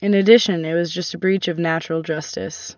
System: none